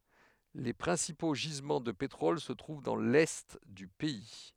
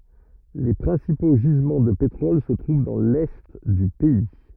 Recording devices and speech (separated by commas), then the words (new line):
headset microphone, rigid in-ear microphone, read sentence
Les principaux gisements de pétrole se trouvent dans l'Est du pays.